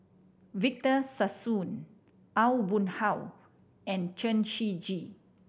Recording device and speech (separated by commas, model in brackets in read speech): boundary microphone (BM630), read sentence